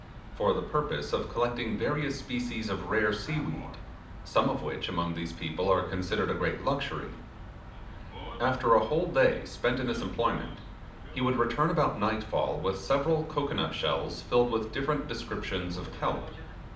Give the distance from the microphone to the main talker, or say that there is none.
2.0 m.